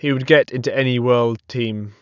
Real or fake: real